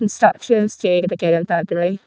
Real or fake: fake